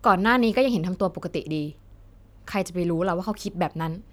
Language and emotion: Thai, frustrated